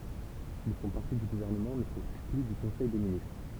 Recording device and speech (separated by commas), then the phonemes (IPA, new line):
temple vibration pickup, read sentence
il fɔ̃ paʁti dy ɡuvɛʁnəmɑ̃ mɛ sɔ̃t ɛkskly dy kɔ̃sɛj de ministʁ